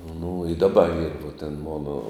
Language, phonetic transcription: Lithuanian, nu i daˈba yr vuo ten ˈmono

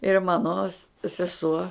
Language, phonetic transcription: Lithuanian, ir ˈmano s seˈsuo

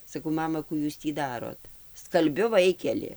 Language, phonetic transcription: Lithuanian, saˈkau ˈmama ˈkų ˈjūs tį ˈdarot skalˈbiu ˈvaikeli

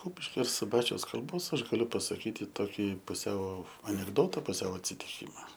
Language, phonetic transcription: Lithuanian, ˈkupiškio ir suˈbačiaus kalˈbos ˈaš gaˈliu pasaˈkyti toˈkį puˈsiau anekˈdota puˈsiau atsitiˈkyma

